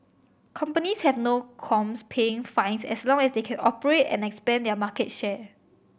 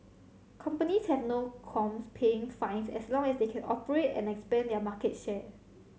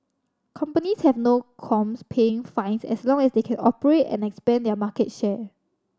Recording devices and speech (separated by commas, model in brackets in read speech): boundary microphone (BM630), mobile phone (Samsung C7100), standing microphone (AKG C214), read sentence